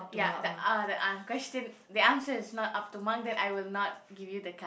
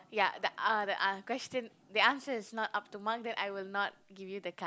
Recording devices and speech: boundary microphone, close-talking microphone, conversation in the same room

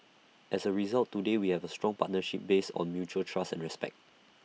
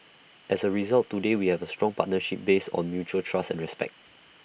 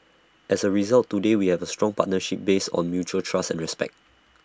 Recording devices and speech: mobile phone (iPhone 6), boundary microphone (BM630), standing microphone (AKG C214), read sentence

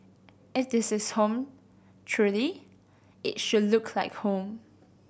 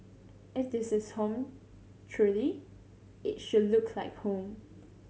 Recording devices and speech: boundary microphone (BM630), mobile phone (Samsung C7100), read sentence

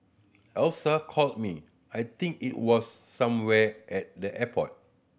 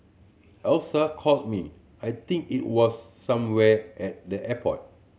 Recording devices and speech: boundary microphone (BM630), mobile phone (Samsung C7100), read sentence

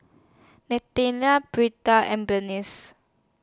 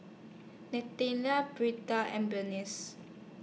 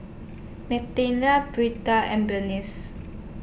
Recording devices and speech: standing microphone (AKG C214), mobile phone (iPhone 6), boundary microphone (BM630), read sentence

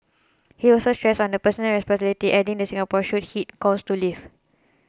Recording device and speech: close-talking microphone (WH20), read sentence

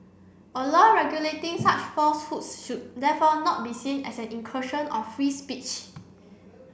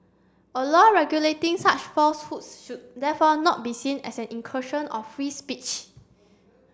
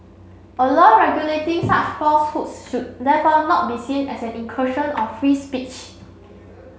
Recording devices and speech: boundary microphone (BM630), standing microphone (AKG C214), mobile phone (Samsung C7), read sentence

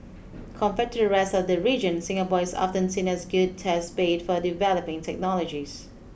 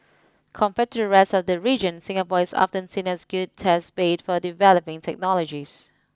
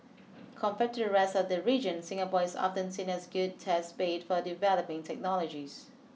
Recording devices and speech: boundary microphone (BM630), close-talking microphone (WH20), mobile phone (iPhone 6), read sentence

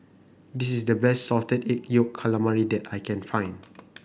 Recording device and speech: boundary microphone (BM630), read sentence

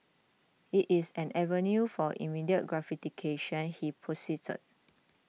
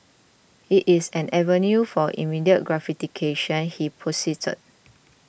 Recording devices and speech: mobile phone (iPhone 6), boundary microphone (BM630), read sentence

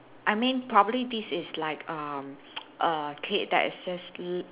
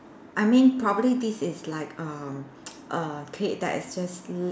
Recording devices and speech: telephone, standing microphone, conversation in separate rooms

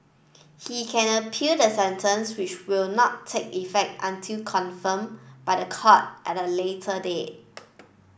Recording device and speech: boundary microphone (BM630), read sentence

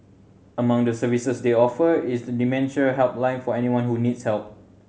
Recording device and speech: mobile phone (Samsung C7100), read sentence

